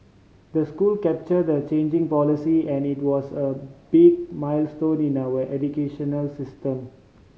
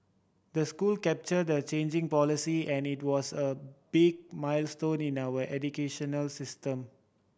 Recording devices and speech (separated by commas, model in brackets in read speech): mobile phone (Samsung C5010), boundary microphone (BM630), read sentence